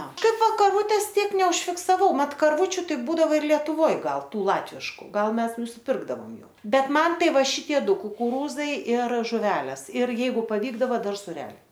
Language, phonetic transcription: Lithuanian, ˈna ˈkaip ˈva karˈvūtės ˈtiek neužfiksaˈvau ˈmat karˈvūčiu ˈtai ˈbūdavo ir lietuˈvoj ˈgal ˈtų ˈlatvišku ˈgal ˈmes nusiˈpirkdavom ˈjų ˈbet ˈman ˈtai ˈva ˈšitie ˈdu kukuˈrūzai ir žuˈvelės ir ˈjeigu paˈvykdava ˈdar suˈreliai

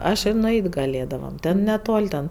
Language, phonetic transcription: Lithuanian, ˈaš i nuˈeit' gaˈlėdavam ˈten neˈtol' ten

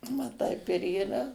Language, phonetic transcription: Lithuanian, va ˈtaip ir yˈra

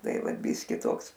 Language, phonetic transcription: Lithuanian, ˈtai ˈvat ˈbyski ˈtoks

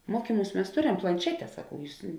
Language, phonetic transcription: Lithuanian, ˈmuokyˌmūs mes ˈtoˌrem planˈšete saˈkau ˈjūs

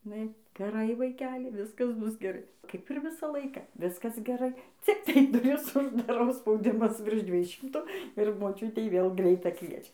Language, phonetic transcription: Lithuanian, iˈnai geˈrai vaiˈkeli ˈviskas ˈbus geˈrai ˈkaip ir ˈvisą ˈlaiką ˈviskas geˈrai ˈciktai duˈris uždaˈrau spauˈdimas virš ˈdviej ˈšimtu ir moˈčiutei vėl ˈgreitą ˈkviečia

